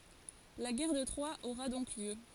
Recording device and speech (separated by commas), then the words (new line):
forehead accelerometer, read sentence
La guerre de Troie aura donc lieu.